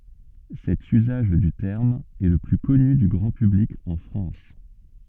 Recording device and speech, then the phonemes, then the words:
soft in-ear microphone, read sentence
sɛt yzaʒ dy tɛʁm ɛ lə ply kɔny dy ɡʁɑ̃ pyblik ɑ̃ fʁɑ̃s
Cet usage du terme est le plus connu du grand public en France.

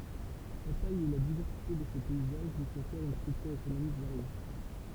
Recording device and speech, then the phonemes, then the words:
temple vibration pickup, read sentence
sa taj e la divɛʁsite də se pɛizaʒ lyi kɔ̃fɛʁt yn stʁyktyʁ ekonomik vaʁje
Sa taille et la diversité de ses paysages lui confèrent une structure économique variée.

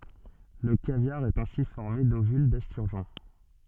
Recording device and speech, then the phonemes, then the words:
soft in-ear microphone, read sentence
lə kavjaʁ ɛt ɛ̃si fɔʁme dovyl dɛstyʁʒɔ̃
Le caviar est ainsi formé d'ovules d'esturgeon.

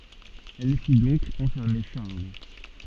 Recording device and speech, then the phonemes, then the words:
soft in-ear microphone, read sentence
ɛl fi dɔ̃k ɑ̃fɛʁme ʃaʁl
Elle fit donc enfermer Charles.

